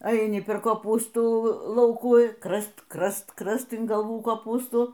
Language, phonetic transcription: Lithuanian, aiˈni per koˈpūstų ˈlaukų ˈkrast ˈkrast ˈkrast in galˈvų koˈpūstų

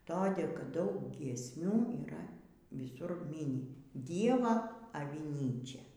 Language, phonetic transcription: Lithuanian, toˈdė kad ˈdaug giesˈmių yˈra viˈsur ˈmyni ˈdieva aviˈnyčia

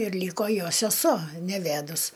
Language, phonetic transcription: Lithuanian, ir ˈlyko ˈjo seˈsuo neˈvædus

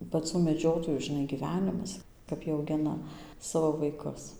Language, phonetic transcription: Lithuanian, paˈcų meˈdžiotojų žiˈnai gyˈvenimas kap ˈjie auˈgina ˈsavo vaiˈkus

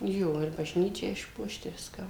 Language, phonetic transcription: Lithuanian, ˈjo ir baˈžnyčią išˈpuošt i ˈviską

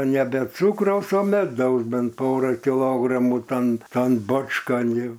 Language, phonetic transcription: Lithuanian, ˈne be ˈcūkraus o meˈdaus ˈbent ˈporą kiˈlogramų ˈtan ˈtan ˈbočkan ˈjau

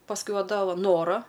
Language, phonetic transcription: Lithuanian, pasˈkui ˈva ˈda ˈva ˈnora

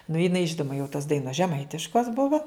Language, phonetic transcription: Lithuanian, nu jiˈnai ˈžinuma jau tos ˈdainos žeˈmaitiškos ˈbuvo

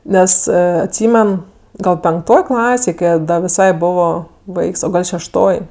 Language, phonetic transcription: Lithuanian, ˈnes atˈsymen ˈgal penkˈtoj ˈklasėj ˈkai a ˈda viˈsai ˈbovo ˈvaiks o ˈgal šešˈtoj

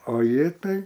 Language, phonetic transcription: Lithuanian, o ˈji ˈtai

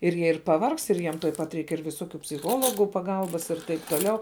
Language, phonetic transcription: Lithuanian, ir ˈjie ir paˈvargst ir ˈjiem tuoj ˈpat ˈreik ir viˈsokiu psiˈchologų paˈgalbas ir ˈtaip toˈliau

